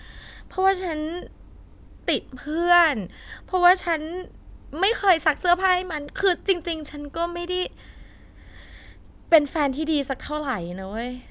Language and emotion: Thai, sad